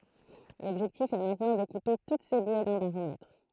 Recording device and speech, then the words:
throat microphone, read sentence
L’objectif est maintenant d’équiper toutes ces bouées d’un baromètre.

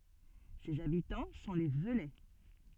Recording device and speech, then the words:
soft in-ear microphone, read sentence
Ses habitants sont les Veulais.

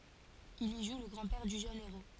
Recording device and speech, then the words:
forehead accelerometer, read sentence
Il y joue le grand-père du jeune héros.

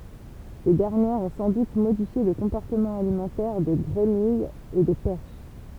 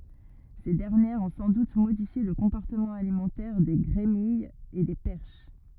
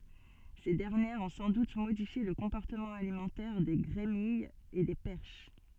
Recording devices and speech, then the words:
temple vibration pickup, rigid in-ear microphone, soft in-ear microphone, read sentence
Ces dernières ont sans doute modifié le comportement alimentaire des grémilles et des perches.

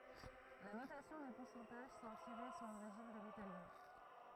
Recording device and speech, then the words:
throat microphone, read sentence
La notation des pourcentages semble tirer son origine de l'italien.

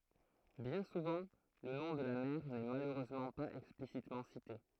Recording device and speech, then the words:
throat microphone, read sentence
Bien souvent le nom de la mère n'est malheureusement pas explicitement cité.

